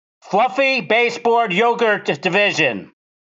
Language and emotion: English, neutral